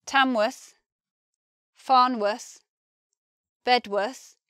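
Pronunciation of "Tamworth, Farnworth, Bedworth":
In 'Tamworth', 'Farnworth' and 'Bedworth', the ending 'worth' is pronounced 'wuth'.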